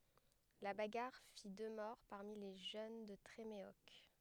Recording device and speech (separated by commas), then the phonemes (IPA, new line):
headset microphone, read sentence
la baɡaʁ fi dø mɔʁ paʁmi le ʒøn də tʁemeɔk